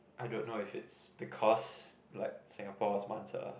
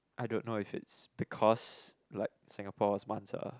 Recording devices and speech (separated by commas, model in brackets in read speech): boundary microphone, close-talking microphone, conversation in the same room